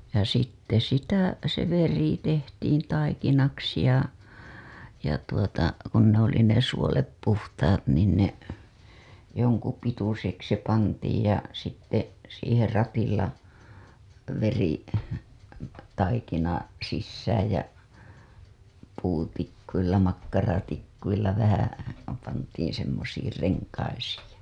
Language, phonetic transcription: Finnish, ja sitte sitä , se 'veri tehtiin taikinaksi ja , ja tuota kun ne ‿oli ne suolet puhtaat nin ne , joŋku pituseksi pantiij ja , sitte siiher ratilla , veri- , -taikina , sissääj ja , puutikkuilla makkaratikkuilla vähä , pantiiḭ semmosiir reŋkaisiij ja .
- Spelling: ja sitten sitä se veri tehtiin taikinaksi ja ja tuota kun ne oli ne suolet puhtaat niin ne jonkun pituiseksi pantiin ja sitten siihen ratilla - veritaikina sisään ja puutikuilla makkaratikuilla vähän pantiin semmoisiin renkaisiin ja

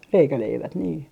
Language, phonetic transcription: Finnish, "reikäleivät nii .
- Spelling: reikäleivät niin

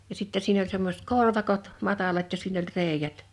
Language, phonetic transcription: Finnish, ja sitte 'siin ‿oĺ semmosᵉt "korvakot , 'matalat ja siin ‿oĺ 'rèḙjät .
- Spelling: ja sitten siinä oli semmoiset korvakot matalat ja siinä oli reiät

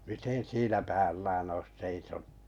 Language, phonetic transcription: Finnish, miten 'siinä 'päällään ois 'seisonu .
- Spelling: miten siinä päällään olisi seisonut

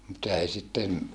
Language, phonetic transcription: Finnish, mut s ‿èi sitten ,.
- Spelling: mutta se ei sitten

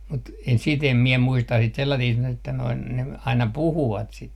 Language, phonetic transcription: Finnish, mut , e- , "si't ‿em mie 'muista sit 'sellatiist että noin , ne aina "puhuvat 'sit .
- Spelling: mutta - sitä en minä muista sitten sellaista että noin ne aina puhuivat sitä

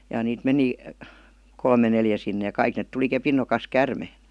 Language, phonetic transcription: Finnish, ja 'niit 'meni , "kolme 'neljä sinne ja "kaik net tuli 'kepin nokas "kärme .
- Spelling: ja niitä meni kolme neljä sinne ja kaikki ne tuli kepin nokassa käärme

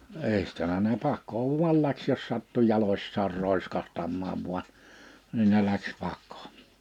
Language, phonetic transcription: Finnish, 'èistähän̆ ne 'pak̆koov vu̬al 'läks jos sattu 'jalośsaar 'ròiskahtammaav vu̬an , nin nḙ 'läks 'pak̆kooɴ .
- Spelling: edestähän ne pakoon vain lähti jos sattui jaloissakin roiskahtamaan vain niin ne lähti pakoon

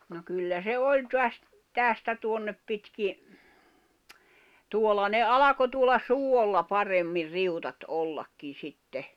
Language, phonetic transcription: Finnish, no kyllä se 'oĺ täs- , "tästä tuonnep 'pitki , tuola ne "alako tuola "suolla 'paremmir "riutat 'ollakkin̬ sitte .
- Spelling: no kyllä se oli - tästä tuonne pitkin tuolla ne alkoi tuolla suolla paremmin riutat ollakin sitten

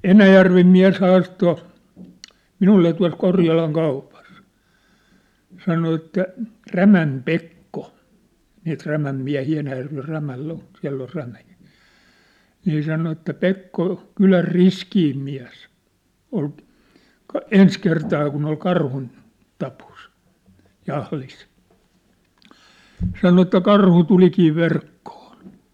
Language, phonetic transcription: Finnish, Enäjärvem miä̭s 'haasto , 'minulle tua̭s 'Korjalaŋ 'kaupas , 'sano että , "Rämäm "Pekko , niit 'Rämäm 'miä̭hii Enäjärver 'Rämäl'l ‿on , 'siä̭ll ‿or 'Rämii , nii sano että 'Pekko , "kylär "riskiim 'miä̭s , ol , ka- 'ens kertaa kun ‿ol 'karhun- , -tapos , '-jahlis , 'sano että "karhu "tulikii "verkkᴏᴏɴ .
- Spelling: Enäjärven mies haastoi minulle tuossa Korjalan kaupassa sanoi että Rämän Pekko niitä Rämän miehiä Enäjärven Rämällä on siellä on Rämiä niin sanoi että Pekko kylän riskein mies oli - ensi kertaa kun oli - karhuntapossa karhunjahdissa sanoi että karhu tulikin verkkoon

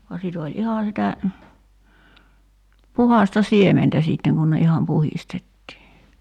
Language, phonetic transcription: Finnish, vua sit ‿oĺ 'ihà sitä , "puhàsta "siementä 'sìtteŋ kun ne 'iham 'puhistettii .
- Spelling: vaan sitten oli ihan sitä puhdasta siementä sitten kun ne ihan puhdistettiin

